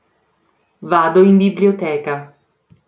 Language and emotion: Italian, neutral